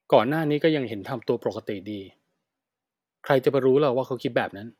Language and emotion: Thai, frustrated